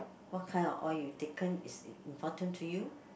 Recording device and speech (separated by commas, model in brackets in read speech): boundary microphone, conversation in the same room